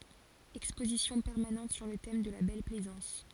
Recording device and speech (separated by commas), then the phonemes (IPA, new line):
forehead accelerometer, read sentence
ɛkspozisjɔ̃ pɛʁmanɑ̃t syʁ lə tɛm də la bɛl plɛzɑ̃s